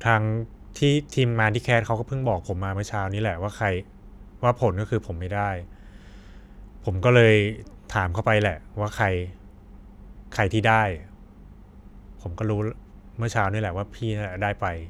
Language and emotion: Thai, frustrated